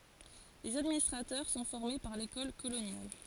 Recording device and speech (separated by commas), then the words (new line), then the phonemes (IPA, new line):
forehead accelerometer, read sentence
Les administrateurs sont formés par l'École coloniale.
lez administʁatœʁ sɔ̃ fɔʁme paʁ lekɔl kolonjal